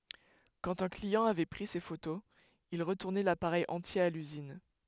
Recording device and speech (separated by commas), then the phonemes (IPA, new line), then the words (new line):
headset microphone, read sentence
kɑ̃t œ̃ kliɑ̃ avɛ pʁi se fotoz il ʁətuʁnɛ lapaʁɛj ɑ̃tje a lyzin
Quand un client avait pris ses photos, il retournait l'appareil entier à l'usine.